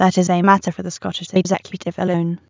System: TTS, waveform concatenation